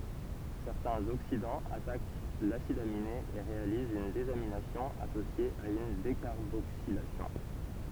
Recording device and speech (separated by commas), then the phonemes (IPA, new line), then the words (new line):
temple vibration pickup, read sentence
sɛʁtɛ̃z oksidɑ̃z atak lasid amine e ʁealizt yn dezaminasjɔ̃ asosje a yn dekaʁboksilasjɔ̃
Certains oxydants attaquent l'acide aminé et réalisent une désamination associée à une décarboxylation.